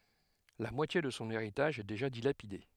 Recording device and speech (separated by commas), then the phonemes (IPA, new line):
headset microphone, read sentence
la mwatje də sɔ̃ eʁitaʒ ɛ deʒa dilapide